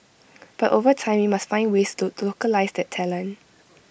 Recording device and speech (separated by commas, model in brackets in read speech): boundary microphone (BM630), read sentence